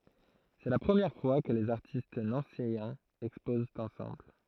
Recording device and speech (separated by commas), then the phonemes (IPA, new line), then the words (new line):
throat microphone, read sentence
sɛ la pʁəmjɛʁ fwa kə lez aʁtist nɑ̃sejɛ̃z ɛkspozt ɑ̃sɑ̃bl
C'est la première fois que les artistes nancéiens exposent ensemble.